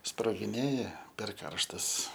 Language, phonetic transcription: Lithuanian, sprogiˈnėja per ˈkarštas

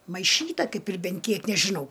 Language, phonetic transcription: Lithuanian, maiˈšyta ˈkaip ir ˈben ˈkiek nežiˈnau

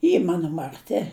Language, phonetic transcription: Lithuanian, ˈy ˈmano marˈti

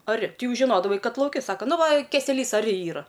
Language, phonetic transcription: Lithuanian, aˈri ˈti ˈjau žiˈnodavai ˈkad lauˈki ˈsaka ˈnu ˈva keseˈlys aˈri ˈyra

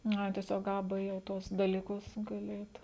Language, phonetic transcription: Lithuanian, nu ˈai tieˈsiog ˈa ˈbɘ jau ˈtuos daliˈkus gaˈli ˈeit

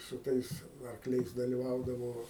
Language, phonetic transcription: Lithuanian, su ˈtais arkˈliais daliˈvaudavo

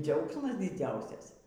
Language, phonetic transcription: Lithuanian, ˈdziaugsmas diˈdziausias

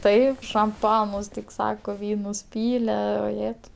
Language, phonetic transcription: Lithuanian, ˈtaip šamˈpanus tik ˈsako ˈvynus ˈpyle oˈjetau

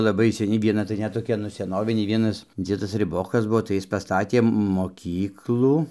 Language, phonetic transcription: Lithuanian, laˈbai seˈni vieˈna tai ˈnet toˈkia nu seˈnovinė ˈvienas ˈdziedas riˈbokas ˈbuo tai ˈjis ˈpastatė moˈkyklų

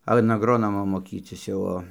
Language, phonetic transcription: Lithuanian, an agˈronomo moˈkycis jau ˈo

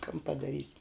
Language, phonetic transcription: Lithuanian, kan padaˈrysi

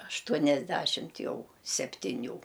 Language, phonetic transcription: Lithuanian, ašˈtuoniasˌdæšimt ˈjau septiˈnių

